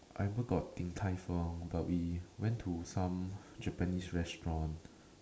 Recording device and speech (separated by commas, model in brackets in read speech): standing microphone, conversation in separate rooms